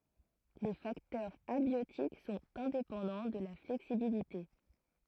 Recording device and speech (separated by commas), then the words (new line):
throat microphone, read sentence
Les facteurs abiotiques sont indépendants de la flexibilité.